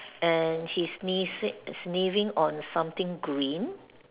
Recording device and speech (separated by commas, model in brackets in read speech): telephone, conversation in separate rooms